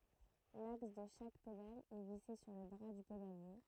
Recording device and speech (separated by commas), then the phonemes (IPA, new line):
throat microphone, read sentence
laks də ʃak pedal ɛ vise syʁ lə bʁa dy pedalje